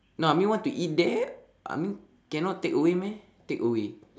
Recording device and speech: standing microphone, conversation in separate rooms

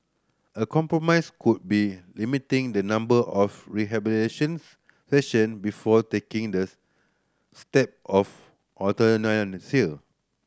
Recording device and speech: standing microphone (AKG C214), read sentence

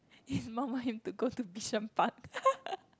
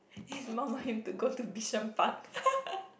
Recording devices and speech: close-talking microphone, boundary microphone, conversation in the same room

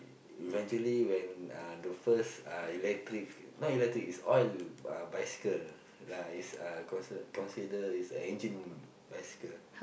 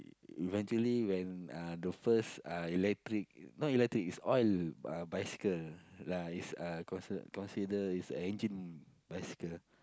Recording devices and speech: boundary microphone, close-talking microphone, conversation in the same room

